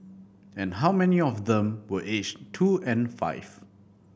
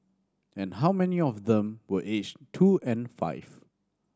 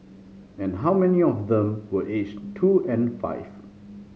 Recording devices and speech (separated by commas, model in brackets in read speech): boundary microphone (BM630), standing microphone (AKG C214), mobile phone (Samsung C5010), read sentence